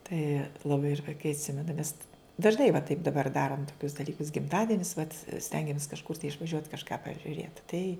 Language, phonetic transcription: Lithuanian, tai laˈbai ir vaiˈkai atˈsimena nes dažˈnai va taip daˈbar ˈdarom toˈkius daˈlykus gimˈtadienis vat ˈstengiamės kažˈkur tai išvaˈžiuot kažˈką pažiuˈrėt tai

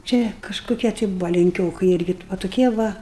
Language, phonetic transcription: Lithuanian, ˈčia kažkuˈkie tai ˈbuva lenˈkiokɨi ˈirgi va tuˈkie ˈva

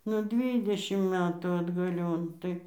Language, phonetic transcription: Lithuanian, nu ˈdvydešim ˈmetų atgaˈlion ˈtai

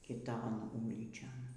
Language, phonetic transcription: Lithuanian, kiˈton ˈūlyčion

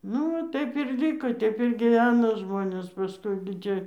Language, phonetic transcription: Lithuanian, ˈnu va ˈtaip ir ˈlyko ˈteip ir gyˈveno ˈžmonės paˈskui gi ˈtie

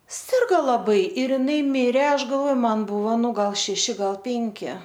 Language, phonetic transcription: Lithuanian, ˈsirgo laˈbai ir iˈnai ˈmire ˈaš galvoj ˈman ˈbuvo ˈnu ˈgal šeˈši ˈgal ˈpinki

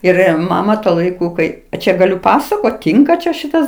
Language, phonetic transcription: Lithuanian, ˈir ˈmama tuo laiˈku ˈkai a ˈčia gaˈliu ˈpasakot ˈtynka čia ˈšitas

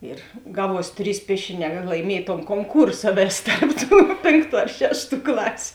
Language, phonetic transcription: Lithuanian, ir ˈgaˌvuos ˈtrys ˈpiešiˌnē kad laiˈmiej ton konˈkūrsa ˈvės ˈtarp ˌtų ˈpėnˌktų ar ˈšešˌtų ˈklasiu

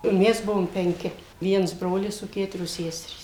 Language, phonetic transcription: Lithuanian, ˈmes ˈbuvom penˈki ˈviens ˈbrolis o ˈketurios ˈseserys

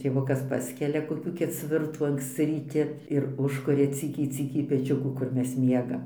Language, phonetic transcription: Lithuanian, tėˈvukas ˈpaskelia koˈkių keˈcvirtų anksˈci ryˈti ir ˈužkuria ˈcykiai ˈcykiai peˈčiukų kur ˈmes ˈmiegam

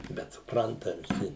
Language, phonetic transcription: Lithuanian, bet supˈranta viˈsi

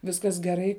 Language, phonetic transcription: Lithuanian, ˈviskas geˈrai

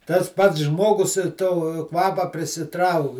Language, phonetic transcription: Lithuanian, tas ˈpats ˈžmogus to ˈkvapa prisiˈtrauk

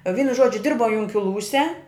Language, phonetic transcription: Lithuanian, ˈvynu ˈžodžiu ˈdirbau junkiˈlūse

